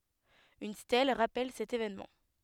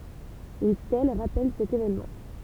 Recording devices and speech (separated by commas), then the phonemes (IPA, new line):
headset microphone, temple vibration pickup, read sentence
yn stɛl ʁapɛl sɛt evɛnmɑ̃